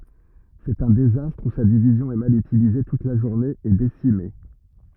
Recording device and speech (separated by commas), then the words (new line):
rigid in-ear microphone, read sentence
C'est un désastre où sa division est mal utilisée toute la journée et décimée.